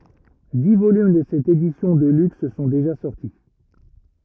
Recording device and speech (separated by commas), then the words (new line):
rigid in-ear microphone, read sentence
Dix volumes de cette édition de luxe sont déjà sortis.